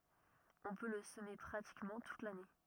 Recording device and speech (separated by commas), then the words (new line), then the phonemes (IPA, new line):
rigid in-ear microphone, read sentence
On peut le semer pratiquement toute l'année.
ɔ̃ pø lə səme pʁatikmɑ̃ tut lane